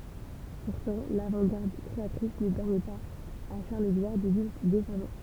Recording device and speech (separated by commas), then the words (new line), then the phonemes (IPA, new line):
temple vibration pickup, read sentence
Pourtant l'avant-garde créatrice ne permet pas à Charles-Édouard de vivre décemment.
puʁtɑ̃ lavɑ̃tɡaʁd kʁeatʁis nə pɛʁmɛ paz a ʃaʁləzedwaʁ də vivʁ desamɑ̃